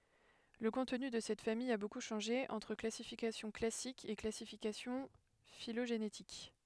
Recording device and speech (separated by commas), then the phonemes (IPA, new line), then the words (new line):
headset microphone, read sentence
lə kɔ̃tny də sɛt famij a boku ʃɑ̃ʒe ɑ̃tʁ klasifikasjɔ̃ klasik e klasifikasjɔ̃ filoʒenetik
Le contenu de cette famille a beaucoup changé entre classification classique et classification phylogénétique.